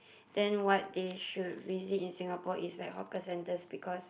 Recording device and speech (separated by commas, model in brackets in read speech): boundary microphone, conversation in the same room